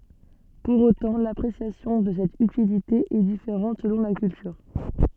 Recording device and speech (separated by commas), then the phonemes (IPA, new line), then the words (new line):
soft in-ear microphone, read sentence
puʁ otɑ̃ lapʁesjasjɔ̃ də sɛt ytilite ɛ difeʁɑ̃t səlɔ̃ la kyltyʁ
Pour autant, l'appréciation de cette utilité est différente selon la culture.